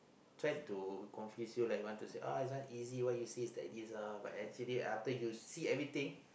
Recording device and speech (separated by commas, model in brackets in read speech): boundary microphone, conversation in the same room